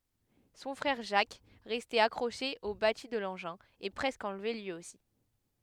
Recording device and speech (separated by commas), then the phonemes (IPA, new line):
headset microphone, read sentence
sɔ̃ fʁɛʁ ʒak ʁɛste akʁoʃe o bati də lɑ̃ʒɛ̃ ɛ pʁɛskə ɑ̃lve lyi osi